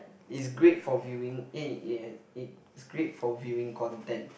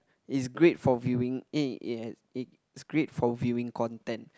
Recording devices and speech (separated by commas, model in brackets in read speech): boundary microphone, close-talking microphone, conversation in the same room